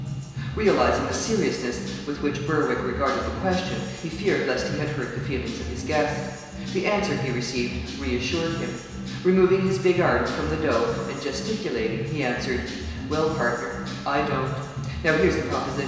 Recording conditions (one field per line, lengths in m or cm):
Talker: one person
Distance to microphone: 1.7 m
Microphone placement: close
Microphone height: 1.0 m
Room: very reverberant, large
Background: music